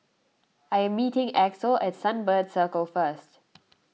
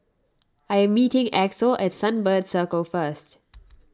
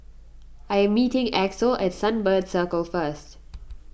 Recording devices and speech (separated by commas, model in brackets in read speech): mobile phone (iPhone 6), standing microphone (AKG C214), boundary microphone (BM630), read sentence